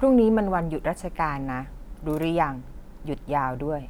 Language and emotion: Thai, neutral